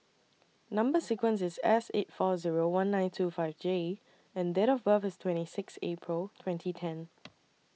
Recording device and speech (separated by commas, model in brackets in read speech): mobile phone (iPhone 6), read sentence